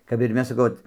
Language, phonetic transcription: Lithuanian, kap ir ˈmes saˈkau ˈot

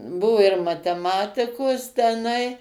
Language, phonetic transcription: Lithuanian, ˈbuvu ir mateˈmatikos teˈnai

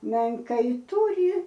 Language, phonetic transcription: Lithuanian, menˈkai ˈtūri

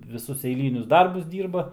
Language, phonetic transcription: Lithuanian, viˈsus eiˈlynius ˈdarbus ˈdyrba

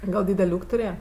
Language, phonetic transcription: Lithuanian, ˈgal ˈdydel' ˈūk' tuˈrėja

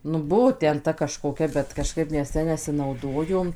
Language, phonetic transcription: Lithuanian, nu ˈbuvo ˈten ˈta kažkoˈkia bet kaˈžkaip ˈmes ˈja nesinauˈdojom

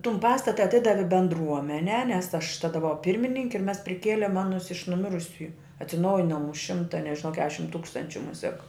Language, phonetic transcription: Lithuanian, ˈtum ˈpastata aˈtidavi bendˈruomenē nes ˈaš ˈtada buˈvau ˈpirmininki ir ˈmes priˈkėlėm ˈanus iš nuˈmirusiuju atsiˈnaujinom už ˈšimta nežiˈnau ˈkešim ˈtūkstančiu ˈmusiak

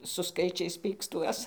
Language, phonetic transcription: Lithuanian, su ˈskaičiais ˈpykstuos

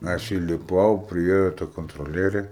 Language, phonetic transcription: Lithuanian, ˈaš įliˈpau priˈėjo ta kontroˈlierė

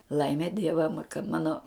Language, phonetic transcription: Lithuanian, ˈlaime ˈdieva kad ˈmano

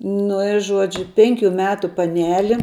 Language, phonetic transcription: Lithuanian, ˈnu i ˈžuodžiu ˈpenkiu ˈmetu paˈneli

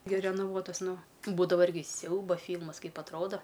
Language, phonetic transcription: Lithuanian, gi renaˈvuotas ˈnu ˈbūdava ˈirgi ˈsiauba ˈfylmas ˈkaip atˈroda

